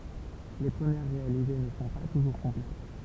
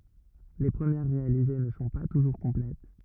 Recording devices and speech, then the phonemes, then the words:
temple vibration pickup, rigid in-ear microphone, read sentence
le pʁəmjɛʁ ʁealize nə sɔ̃ pa tuʒuʁ kɔ̃plɛt
Les premières réalisées ne sont pas toujours complètes.

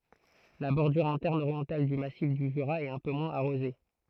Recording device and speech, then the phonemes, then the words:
throat microphone, read sentence
la bɔʁdyʁ ɛ̃tɛʁn oʁjɑ̃tal dy masif dy ʒyʁa ɛt œ̃ pø mwɛ̃z aʁoze
La bordure interne orientale du massif du Jura est un peu moins arrosée.

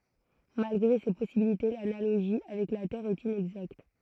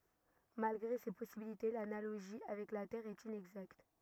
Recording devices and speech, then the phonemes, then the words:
throat microphone, rigid in-ear microphone, read sentence
malɡʁe se pɔsibilite lanaloʒi avɛk la tɛʁ ɛt inɛɡzakt
Malgré ces possibilités, l’analogie avec la Terre est inexacte.

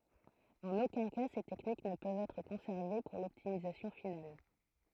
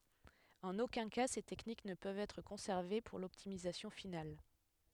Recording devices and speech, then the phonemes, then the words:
throat microphone, headset microphone, read sentence
ɑ̃n okœ̃ ka se tɛknik nə pøvt ɛtʁ kɔ̃sɛʁve puʁ lɔptimizasjɔ̃ final
En aucun cas ces techniques ne peuvent être conservées pour l'optimisation finale.

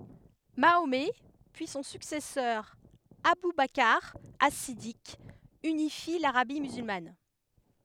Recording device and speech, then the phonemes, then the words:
headset microphone, read sentence
maomɛ pyi sɔ̃ syksɛsœʁ abu bakʁ as sidik ynifi laʁabi myzylman
Mahomet puis son successeur Abou Bakr As-Siddiq, unifient l'Arabie musulmane.

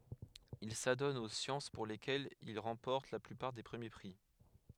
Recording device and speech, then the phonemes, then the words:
headset microphone, read sentence
il sadɔn o sjɑ̃s puʁ lekɛlz il ʁɑ̃pɔʁt la plypaʁ de pʁəmje pʁi
Il s'adonne aux sciences pour lesquelles il remporte la plupart des premiers prix.

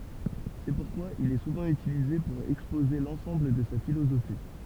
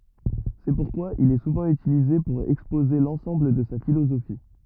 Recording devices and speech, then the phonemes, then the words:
temple vibration pickup, rigid in-ear microphone, read sentence
sɛ puʁkwa il ɛ suvɑ̃ ytilize puʁ ɛkspoze lɑ̃sɑ̃bl də sa filozofi
C'est pourquoi il est souvent utilisé pour exposer l'ensemble de sa philosophie.

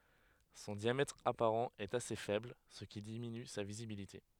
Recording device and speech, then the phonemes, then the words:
headset microphone, read sentence
sɔ̃ djamɛtʁ apaʁɑ̃ ɛt ase fɛbl sə ki diminy sa vizibilite
Son diamètre apparent est assez faible, ce qui diminue sa visibilité.

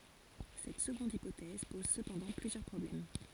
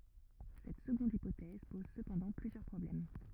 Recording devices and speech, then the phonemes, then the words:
forehead accelerometer, rigid in-ear microphone, read sentence
sɛt səɡɔ̃d ipotɛz pɔz səpɑ̃dɑ̃ plyzjœʁ pʁɔblɛm
Cette seconde hypothèse pose cependant plusieurs problèmes.

